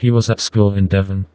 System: TTS, vocoder